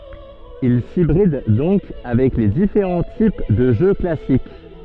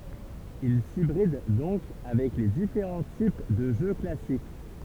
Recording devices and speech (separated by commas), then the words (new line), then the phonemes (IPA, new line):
soft in-ear microphone, temple vibration pickup, read sentence
Il s'hybride donc avec les différents types de jeu classique.
il sibʁid dɔ̃k avɛk le difeʁɑ̃ tip də ʒø klasik